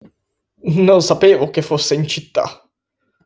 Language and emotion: Italian, disgusted